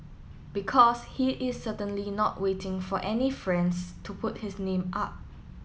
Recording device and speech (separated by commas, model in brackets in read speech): mobile phone (iPhone 7), read sentence